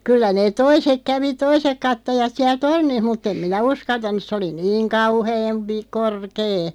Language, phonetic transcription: Finnish, 'kyllä neeᵗ "toisek 'kävi "toisek 'kattojat 'siäl "tornih 'mutt ‿em "minä 'uskaltan̆nuˢ 'se oli 'niiŋ 'kauheem pi- , 'korkee .
- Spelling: kyllä ne toiset kävi toiset katsojat siellä tornissa mutta en minä uskaltanut se oli niin kauhean - korkea

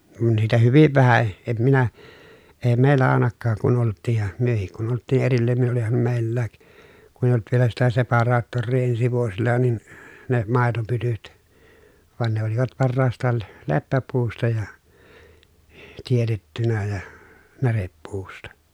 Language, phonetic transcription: Finnish, kun niitä hyviv vähä , em minä , ee mèi̮llä àenakkaak kun olt̆tiij ja , myöhik kun olt̆tii ʼerillään ni oliham mèi̮llääk , kun ‿eiʲ ‿olt vielä sitä separaattorrii ensi vuosilla nin , ne , màetopytyt , van ne olivat parraast̀aal l- , leppäpuusta ja , tietettynä ja , näreppuusta .
- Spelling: kun niitä hyvin vähän en minä - meillä ainakaan kun oltiin ja mekin kun oltiin erillään niin olihan meilläkin kun ei ollut vielä sitä separaattoria ensi vuosilla niin ne maitopytyt vaan ne olivat parhaastaan - leppäpuusta ja teetettynä ja närepuusta

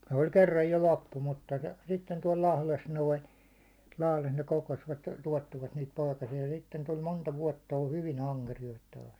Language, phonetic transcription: Finnish, sᴇ oĺ 'kerraj jo 'loppu mutta , sitten tuål 'Lahles 'noin̬ , Lahles ne 'kokosvat , 'tuåttivat niit 'poikasi₍a sitten tul 'monta 'vuåtta ol 'hyvi'n ‿aŋkerijoit taas .
- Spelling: se oli kerran jo loppu mutta sitten tuolla Lahdessa noin Lahdessa ne kokosivat tuottivat niitä poikasia sitten tuli monta vuotta oli hyvin ankeriaita taas

